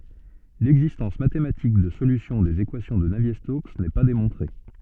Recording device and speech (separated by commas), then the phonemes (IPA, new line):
soft in-ear microphone, read sentence
lɛɡzistɑ̃s matematik də solysjɔ̃ dez ekwasjɔ̃ də navje stoks nɛ pa demɔ̃tʁe